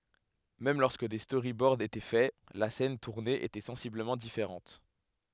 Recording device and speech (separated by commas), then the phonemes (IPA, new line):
headset microphone, read sentence
mɛm lɔʁskə de stoʁibɔʁd etɛ fɛ la sɛn tuʁne etɛ sɑ̃sibləmɑ̃ difeʁɑ̃t